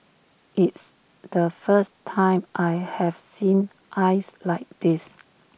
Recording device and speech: boundary microphone (BM630), read sentence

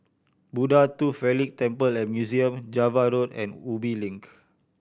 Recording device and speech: boundary microphone (BM630), read sentence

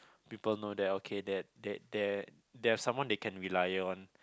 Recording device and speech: close-talking microphone, conversation in the same room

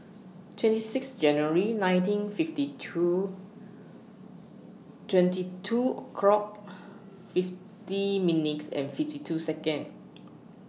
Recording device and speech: mobile phone (iPhone 6), read sentence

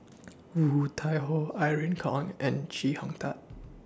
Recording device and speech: standing microphone (AKG C214), read sentence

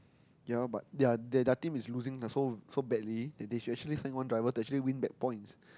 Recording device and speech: close-talking microphone, conversation in the same room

